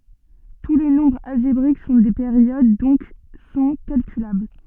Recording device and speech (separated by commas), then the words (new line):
soft in-ear microphone, read sentence
Tous les nombres algébriques sont des périodes donc sont calculables.